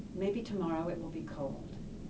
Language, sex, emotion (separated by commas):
English, female, neutral